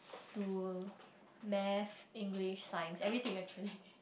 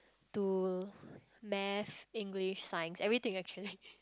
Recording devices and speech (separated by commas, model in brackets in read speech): boundary microphone, close-talking microphone, conversation in the same room